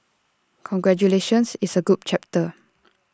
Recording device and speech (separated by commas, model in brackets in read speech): standing microphone (AKG C214), read sentence